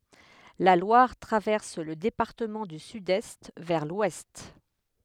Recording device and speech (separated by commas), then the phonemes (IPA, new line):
headset microphone, read sentence
la lwaʁ tʁavɛʁs lə depaʁtəmɑ̃ dy sydɛst vɛʁ lwɛst